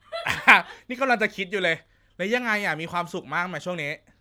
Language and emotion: Thai, happy